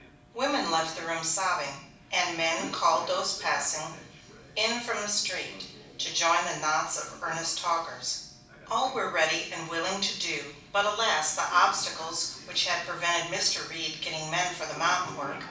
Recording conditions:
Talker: one person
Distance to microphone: 5.8 m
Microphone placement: far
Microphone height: 1.8 m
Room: medium-sized (5.7 m by 4.0 m)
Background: television

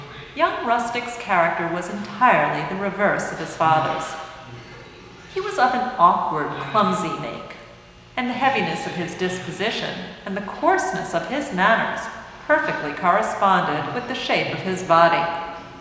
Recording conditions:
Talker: one person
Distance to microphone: 1.7 m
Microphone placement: close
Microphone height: 1.0 m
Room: very reverberant, large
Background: television

